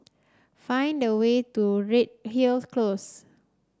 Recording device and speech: standing microphone (AKG C214), read sentence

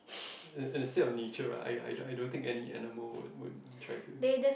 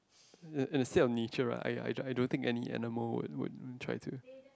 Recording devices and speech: boundary microphone, close-talking microphone, conversation in the same room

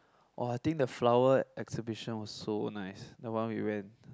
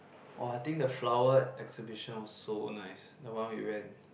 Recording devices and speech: close-talking microphone, boundary microphone, conversation in the same room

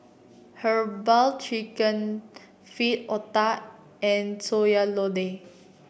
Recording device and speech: boundary microphone (BM630), read sentence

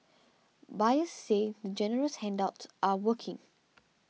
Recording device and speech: mobile phone (iPhone 6), read sentence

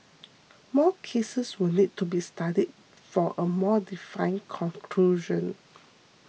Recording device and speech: mobile phone (iPhone 6), read sentence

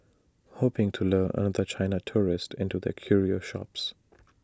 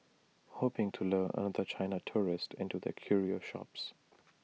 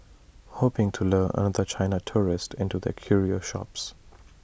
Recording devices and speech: standing microphone (AKG C214), mobile phone (iPhone 6), boundary microphone (BM630), read sentence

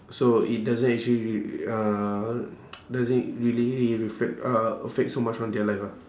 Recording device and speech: standing microphone, conversation in separate rooms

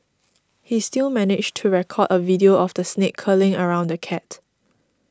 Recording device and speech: standing microphone (AKG C214), read sentence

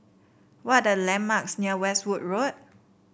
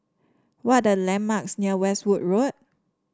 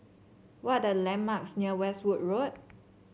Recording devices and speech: boundary microphone (BM630), standing microphone (AKG C214), mobile phone (Samsung C7), read sentence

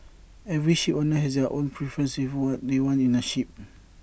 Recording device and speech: boundary microphone (BM630), read sentence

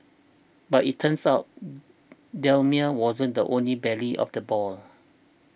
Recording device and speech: boundary microphone (BM630), read sentence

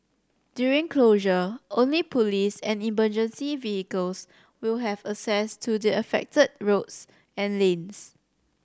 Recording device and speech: standing microphone (AKG C214), read sentence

